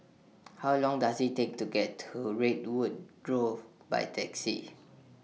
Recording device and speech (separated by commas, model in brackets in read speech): mobile phone (iPhone 6), read sentence